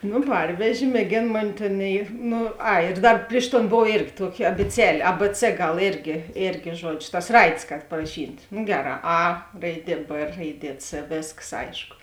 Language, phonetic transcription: Lithuanian, no ˈparvežė mėˈgėn ˈmoni ˈtėn i ˈnu ˈai ir ˈdar ˈpriš ˌton ˈbov ˈėrgi ˈtuoki abiˈcelė a b c ˈgal ˈėrgi ˈėrgi ˈžuodžio tas ˈraidės kad paraˈšyt' no ˈgeˌrā a ˈraiˈdie b ˈraiˈdie c ˈvėskas ˈaišku

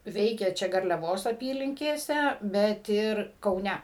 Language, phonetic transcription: Lithuanian, ˈveikė ˈčia garliaˈvos aˈpylinkėse bet ˈir kauˈne

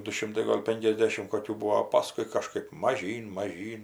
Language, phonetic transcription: Lithuanian, du ˈšimtai ˈgol' ˈpenkiasdešim ˈkokių ˈbuvo o ˈpaskui kaˈžkɜp maˈžyn maˈžyn

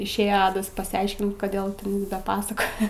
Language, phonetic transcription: Lithuanian, išˈėje ˈadas pasiˈaiškint ˈkodėl ten ˈda ˈpasakoja

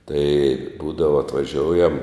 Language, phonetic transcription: Lithuanian, tai ˈbūdava atvaˈžioujam

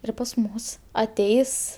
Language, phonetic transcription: Lithuanian, ˈir pas ˈmus aˈteis

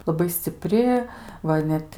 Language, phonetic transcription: Lithuanian, laˈbai sciˈpri ˈva i ˈnet

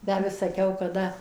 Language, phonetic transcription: Lithuanian, ˌtę vis saˈkiau kaˈda

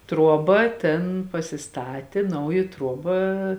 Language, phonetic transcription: Lithuanian, ˈtruoˌba ˈtėn pasiˈstatė ˈnauji ˈtruoba

